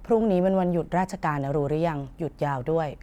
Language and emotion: Thai, frustrated